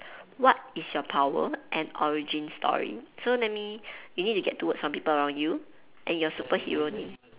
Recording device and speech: telephone, conversation in separate rooms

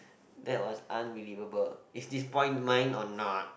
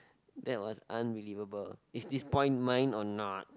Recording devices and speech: boundary microphone, close-talking microphone, conversation in the same room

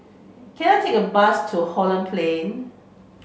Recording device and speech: mobile phone (Samsung C5), read sentence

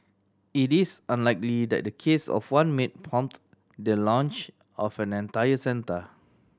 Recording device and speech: standing microphone (AKG C214), read sentence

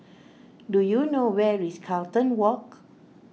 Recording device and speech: mobile phone (iPhone 6), read sentence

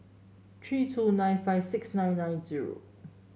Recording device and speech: mobile phone (Samsung S8), read sentence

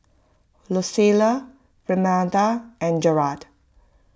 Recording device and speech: close-talking microphone (WH20), read sentence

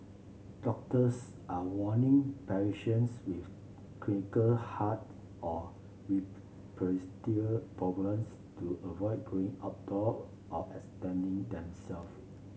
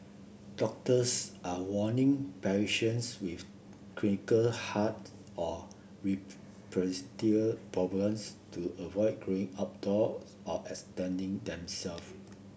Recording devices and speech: mobile phone (Samsung C7), boundary microphone (BM630), read sentence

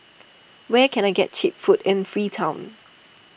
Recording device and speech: boundary microphone (BM630), read sentence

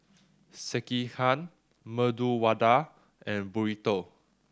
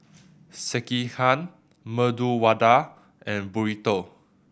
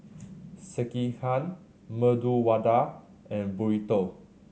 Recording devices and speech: standing microphone (AKG C214), boundary microphone (BM630), mobile phone (Samsung C7100), read sentence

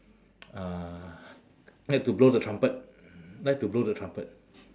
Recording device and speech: standing microphone, conversation in separate rooms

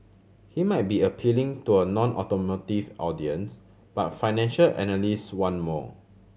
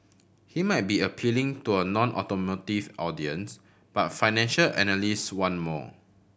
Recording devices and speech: mobile phone (Samsung C7100), boundary microphone (BM630), read sentence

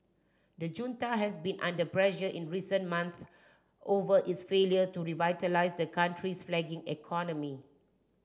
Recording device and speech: standing microphone (AKG C214), read sentence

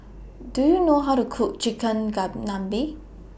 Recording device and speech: boundary microphone (BM630), read sentence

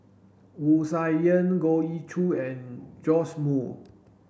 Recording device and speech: boundary microphone (BM630), read sentence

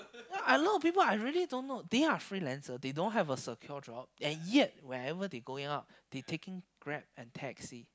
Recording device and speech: close-talking microphone, conversation in the same room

